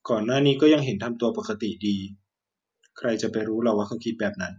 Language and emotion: Thai, neutral